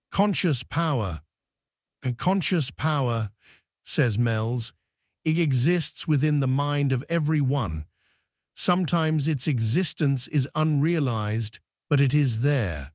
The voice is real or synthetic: synthetic